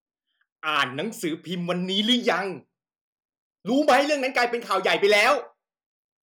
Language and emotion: Thai, angry